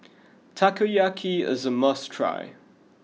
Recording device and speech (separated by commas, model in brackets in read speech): mobile phone (iPhone 6), read sentence